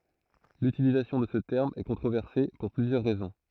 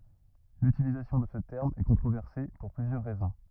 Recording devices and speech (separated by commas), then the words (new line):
throat microphone, rigid in-ear microphone, read sentence
L'utilisation de ce terme est controversé pour plusieurs raisons.